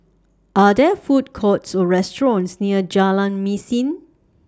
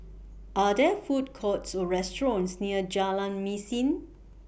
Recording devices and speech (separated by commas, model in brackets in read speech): standing microphone (AKG C214), boundary microphone (BM630), read sentence